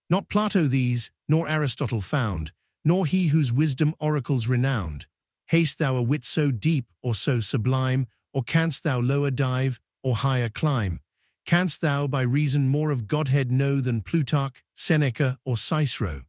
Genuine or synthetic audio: synthetic